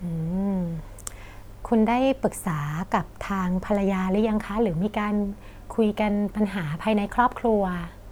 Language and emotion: Thai, neutral